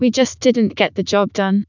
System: TTS, vocoder